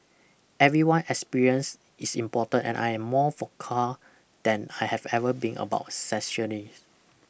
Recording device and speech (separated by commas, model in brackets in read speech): boundary microphone (BM630), read sentence